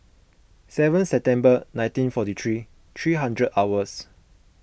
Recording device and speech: boundary microphone (BM630), read sentence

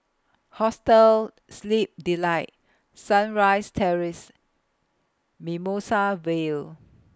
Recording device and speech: close-talking microphone (WH20), read sentence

